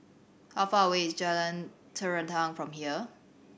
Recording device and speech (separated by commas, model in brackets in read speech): boundary microphone (BM630), read sentence